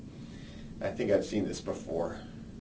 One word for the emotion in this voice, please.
fearful